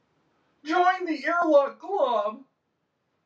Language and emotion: English, fearful